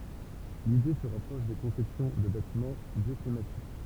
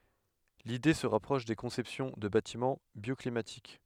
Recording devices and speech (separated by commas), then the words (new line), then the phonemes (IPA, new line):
temple vibration pickup, headset microphone, read sentence
L'idée se rapproche des conceptions de bâtiments bioclimatiques.
lide sə ʁapʁɔʃ de kɔ̃sɛpsjɔ̃ də batimɑ̃ bjɔklimatik